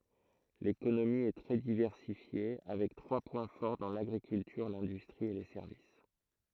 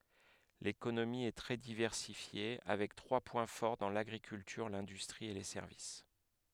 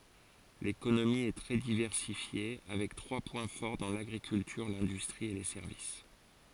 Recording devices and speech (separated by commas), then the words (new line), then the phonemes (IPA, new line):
throat microphone, headset microphone, forehead accelerometer, read sentence
L'économie est très diversifiée, avec trois points forts dans l'agriculture, l'industrie et les services.
lekonomi ɛ tʁɛ divɛʁsifje avɛk tʁwa pwɛ̃ fɔʁ dɑ̃ laɡʁikyltyʁ lɛ̃dystʁi e le sɛʁvis